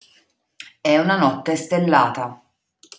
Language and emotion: Italian, neutral